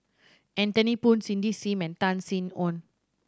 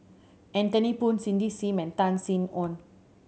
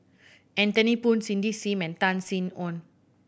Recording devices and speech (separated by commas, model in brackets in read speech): standing microphone (AKG C214), mobile phone (Samsung C7100), boundary microphone (BM630), read sentence